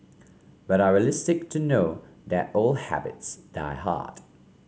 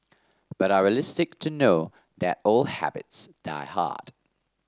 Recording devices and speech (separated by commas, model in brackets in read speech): mobile phone (Samsung C5), standing microphone (AKG C214), read sentence